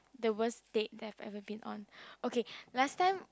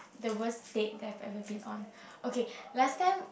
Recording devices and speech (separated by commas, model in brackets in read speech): close-talking microphone, boundary microphone, conversation in the same room